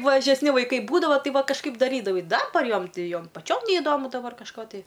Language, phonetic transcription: Lithuanian, mažesˈni vaiˈkai ˈbūdavo ˈtai ˈva kažˈkaip daˈrydavai ˈdabar ˈjom ˈti ˈjom paˈčiom neiˈdomu daˈbar kažˈko tai

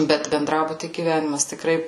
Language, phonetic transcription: Lithuanian, ˈbet benˈdrabuty gyˈvenimas tikˈrai

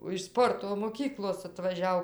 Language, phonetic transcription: Lithuanian, o iš ˈsporto moˈkyklos atvaˈžiau

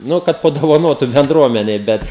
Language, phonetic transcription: Lithuanian, ˈnu kad padovaˈnotu bendˈruomenei ˈbet

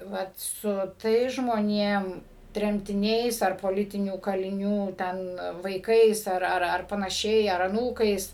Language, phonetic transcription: Lithuanian, ˈvat su ˈtais žmoniem tremtiˈniais ar poˈlitinių kaliˈnių ˈten vaiˈkais ˈar ˈar ˈar panaˈšiai ar aˈnūkais

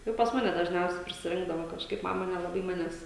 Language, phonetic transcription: Lithuanian, ˈjau pas ˈmane dažˈniausiai prisiˈrinkdavo kažˈkaip ˈmama nelaˈbai ˈmanes

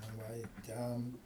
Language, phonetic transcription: Lithuanian, na ˈva i ˈten

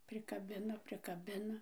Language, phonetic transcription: Lithuanian, prikaˈbina prikaˈbina

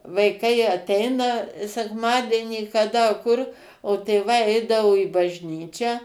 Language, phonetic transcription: Lithuanian, vaiˈkai aˈteina sekˈmadienį kaˈda kur o tėˈvai ˈeidavo į bažnˈyčią

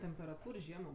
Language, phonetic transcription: Lithuanian, temperaˈtūr ˈžiemo

